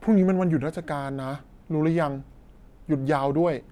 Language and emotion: Thai, neutral